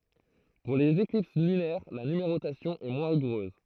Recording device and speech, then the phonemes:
throat microphone, read sentence
puʁ lez eklips lynɛʁ la nymeʁotasjɔ̃ ɛ mwɛ̃ ʁiɡuʁøz

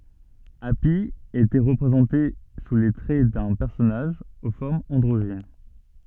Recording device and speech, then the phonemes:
soft in-ear microphone, read sentence
api etɛ ʁəpʁezɑ̃te su le tʁɛ dœ̃ pɛʁsɔnaʒ o fɔʁmz ɑ̃dʁoʒin

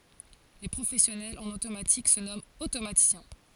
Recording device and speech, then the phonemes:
forehead accelerometer, read sentence
le pʁofɛsjɔnɛlz ɑ̃n otomatik sə nɔmɑ̃t otomatisjɛ̃

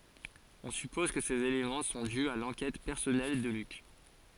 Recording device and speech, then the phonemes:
forehead accelerometer, read sentence
ɔ̃ sypɔz kə sez elemɑ̃ sɔ̃ dy a lɑ̃kɛt pɛʁsɔnɛl də lyk

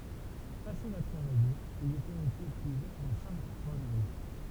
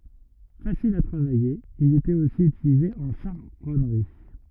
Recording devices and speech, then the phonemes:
temple vibration pickup, rigid in-ear microphone, read sentence
fasil a tʁavaje il etɛt osi ytilize ɑ̃ ʃaʁɔnʁi

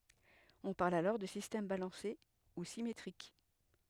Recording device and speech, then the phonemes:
headset microphone, read sentence
ɔ̃ paʁl alɔʁ də sistɛm balɑ̃se u simetʁik

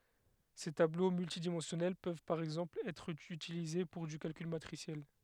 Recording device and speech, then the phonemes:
headset microphone, read sentence
se tablo myltidimɑ̃sjɔnɛl pøv paʁ ɛɡzɑ̃pl ɛtʁ ytilize puʁ dy kalkyl matʁisjɛl

